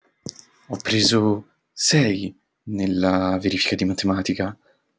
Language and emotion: Italian, fearful